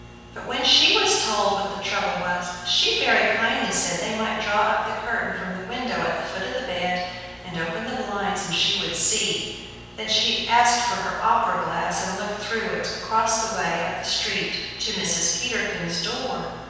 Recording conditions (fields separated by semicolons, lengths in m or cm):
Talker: one person; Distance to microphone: 7.1 m; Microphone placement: far; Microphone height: 1.7 m; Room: very reverberant, large; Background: none